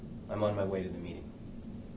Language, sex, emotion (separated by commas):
English, male, neutral